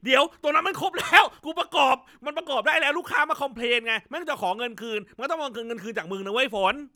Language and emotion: Thai, angry